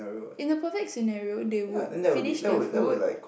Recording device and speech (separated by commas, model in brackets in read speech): boundary microphone, conversation in the same room